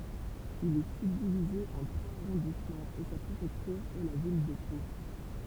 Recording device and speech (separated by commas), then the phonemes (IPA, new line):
temple vibration pickup, read sentence
il ɛ sybdivize ɑ̃ tʁwaz aʁɔ̃dismɑ̃z e sa pʁefɛktyʁ ɛ la vil də po